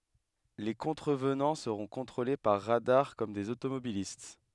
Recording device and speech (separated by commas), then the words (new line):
headset microphone, read sentence
Les contrevenants seront contrôlés par radars, comme des automobilistes.